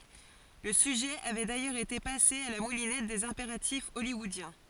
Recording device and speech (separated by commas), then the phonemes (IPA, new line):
forehead accelerometer, read sentence
lə syʒɛ avɛ dajœʁz ete pase a la mulinɛt dez ɛ̃peʁatif ɔljwɔodjɛ̃